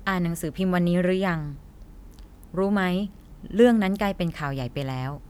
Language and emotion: Thai, neutral